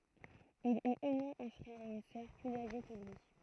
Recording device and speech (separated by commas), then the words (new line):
throat microphone, read sentence
Il eut au moins un frère et une sœur plus âgés que lui.